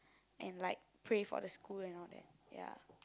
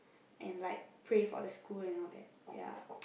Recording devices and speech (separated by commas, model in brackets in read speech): close-talking microphone, boundary microphone, conversation in the same room